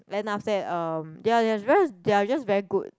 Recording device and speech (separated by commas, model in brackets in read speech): close-talking microphone, conversation in the same room